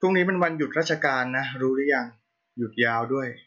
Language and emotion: Thai, neutral